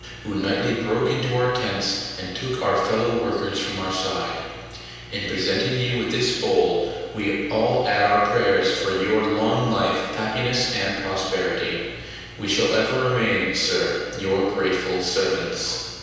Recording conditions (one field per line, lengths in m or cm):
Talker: one person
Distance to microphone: 7.1 m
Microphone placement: far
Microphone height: 1.7 m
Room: very reverberant, large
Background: none